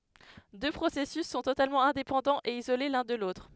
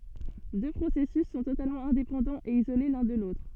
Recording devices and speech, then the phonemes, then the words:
headset microphone, soft in-ear microphone, read sentence
dø pʁosɛsys sɔ̃ totalmɑ̃ ɛ̃depɑ̃dɑ̃z e izole lœ̃ də lotʁ
Deux processus sont totalement indépendants et isolés l'un de l'autre.

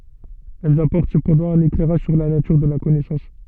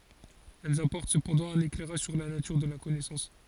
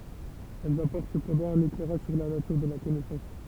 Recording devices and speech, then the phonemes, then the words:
soft in-ear microphone, forehead accelerometer, temple vibration pickup, read sentence
ɛlz apɔʁt səpɑ̃dɑ̃ œ̃n eklɛʁaʒ syʁ la natyʁ də la kɔnɛsɑ̃s
Elles apportent cependant un éclairage sur la nature de la connaissance.

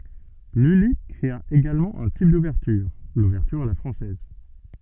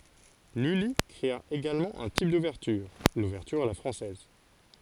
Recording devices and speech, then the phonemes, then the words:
soft in-ear microphone, forehead accelerometer, read sentence
lyli kʁea eɡalmɑ̃ œ̃ tip duvɛʁtyʁ luvɛʁtyʁ a la fʁɑ̃sɛz
Lully créa également un type d’ouverture, l’ouverture à la française.

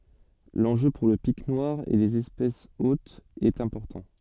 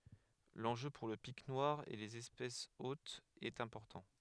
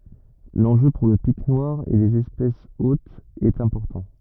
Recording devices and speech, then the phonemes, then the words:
soft in-ear microphone, headset microphone, rigid in-ear microphone, read sentence
lɑ̃ʒø puʁ lə pik nwaʁ e lez ɛspɛsz otz ɛt ɛ̃pɔʁtɑ̃
L'enjeu pour le Pic noir et les espèces hôtes est important.

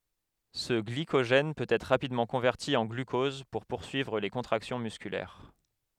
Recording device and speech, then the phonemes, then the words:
headset microphone, read sentence
sə ɡlikoʒɛn pøt ɛtʁ ʁapidmɑ̃ kɔ̃vɛʁti ɑ̃ ɡlykɔz puʁ puʁsyivʁ le kɔ̃tʁaksjɔ̃ myskylɛʁ
Ce glycogène peut être rapidement converti en glucose pour poursuivre les contractions musculaires.

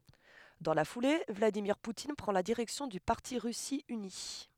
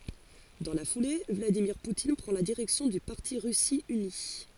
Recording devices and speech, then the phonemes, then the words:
headset microphone, forehead accelerometer, read sentence
dɑ̃ la fule vladimiʁ putin pʁɑ̃ la diʁɛksjɔ̃ dy paʁti ʁysi yni
Dans la foulée, Vladimir Poutine prend la direction du parti Russie unie.

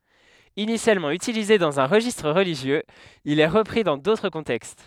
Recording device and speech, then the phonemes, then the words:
headset microphone, read sentence
inisjalmɑ̃ ytilize dɑ̃z œ̃ ʁəʒistʁ ʁəliʒjøz il ɛ ʁəpʁi dɑ̃ dotʁ kɔ̃tɛkst
Initialement utilisé dans un registre religieux, il est repris dans d'autres contextes.

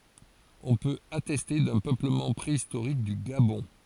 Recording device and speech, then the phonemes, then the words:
forehead accelerometer, read sentence
ɔ̃ pøt atɛste dœ̃ pøpləmɑ̃ pʁeistoʁik dy ɡabɔ̃
On peut attester d'un peuplement préhistorique du Gabon.

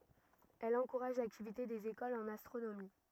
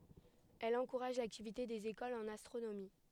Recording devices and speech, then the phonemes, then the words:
rigid in-ear microphone, headset microphone, read sentence
ɛl ɑ̃kuʁaʒ laktivite dez ekolz ɑ̃n astʁonomi
Elle encourage l’activité des écoles en astronomie.

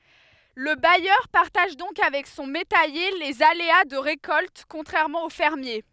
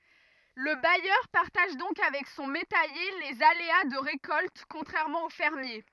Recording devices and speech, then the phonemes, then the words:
headset microphone, rigid in-ear microphone, read sentence
lə bajœʁ paʁtaʒ dɔ̃k avɛk sɔ̃ metɛje lez alea də ʁekɔlt kɔ̃tʁɛʁmɑ̃ o fɛʁmje
Le bailleur partage donc avec son métayer les aléas de récolte, contrairement au fermier.

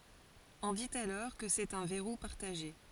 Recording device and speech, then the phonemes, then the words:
forehead accelerometer, read sentence
ɔ̃ dit alɔʁ kə sɛt œ̃ vɛʁu paʁtaʒe
On dit alors que c'est un verrou partagé.

